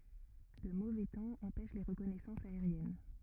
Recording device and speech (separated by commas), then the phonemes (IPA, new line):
rigid in-ear microphone, read sentence
lə movɛ tɑ̃ ɑ̃pɛʃ le ʁəkɔnɛsɑ̃sz aeʁjɛn